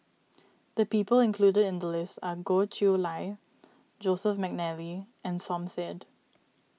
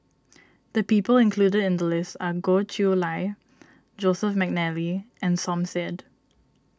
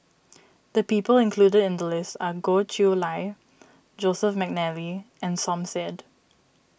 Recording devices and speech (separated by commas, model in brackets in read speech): mobile phone (iPhone 6), standing microphone (AKG C214), boundary microphone (BM630), read sentence